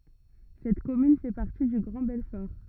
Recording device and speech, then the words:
rigid in-ear microphone, read sentence
Cette commune fait partie du Grand Belfort.

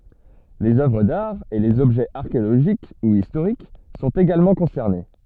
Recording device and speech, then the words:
soft in-ear microphone, read sentence
Les œuvres d'art et les objets archéologiques ou historiques sont également concernés.

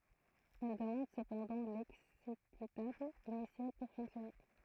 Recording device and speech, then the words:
throat microphone, read sentence
Elle demande cependant l'exécutable initial pour fonctionner.

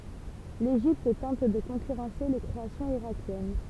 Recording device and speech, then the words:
temple vibration pickup, read sentence
L'Égypte tente de concurrencer les créations irakiennes.

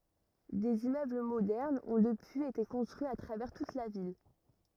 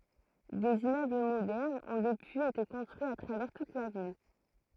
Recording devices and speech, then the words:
rigid in-ear microphone, throat microphone, read sentence
Des immeubles modernes ont depuis été construits à travers toute la ville.

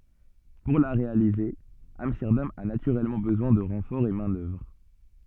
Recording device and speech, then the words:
soft in-ear microphone, read sentence
Pour la réaliser, Amsterdam a naturellement besoin de renforts en main-d'œuvre.

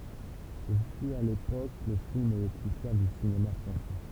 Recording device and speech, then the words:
temple vibration pickup, read sentence
Ce fut, à l'époque, le film le plus cher du cinéma français.

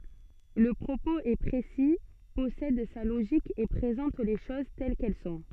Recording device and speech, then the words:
soft in-ear microphone, read sentence
Le propos est précis, possède sa logique et présente les choses telles qu'elles sont.

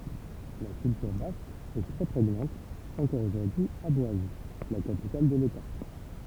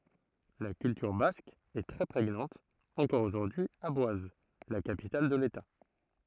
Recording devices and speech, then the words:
temple vibration pickup, throat microphone, read sentence
La culture basque est très prégnante encore aujourd’hui à Boise, la capitale de l’État.

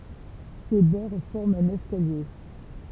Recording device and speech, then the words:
temple vibration pickup, read sentence
Ses bords forment un escalier.

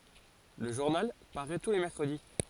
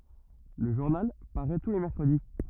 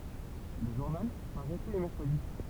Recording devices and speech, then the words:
forehead accelerometer, rigid in-ear microphone, temple vibration pickup, read sentence
Le journal paraît tous les mercredis.

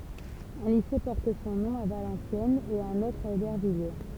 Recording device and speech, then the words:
temple vibration pickup, read sentence
Un lycée porte son nom à Valenciennes et un autre à Aubervilliers.

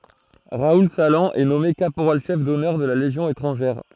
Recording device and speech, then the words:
throat microphone, read sentence
Raoul Salan est nommé caporal-chef d'honneur de la Légion étrangère.

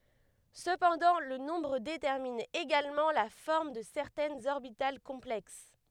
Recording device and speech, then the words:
headset microphone, read sentence
Cependant, le nombre détermine également la forme de certaines orbitales complexes.

